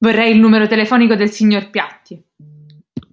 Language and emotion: Italian, angry